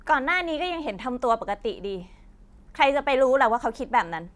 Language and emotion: Thai, frustrated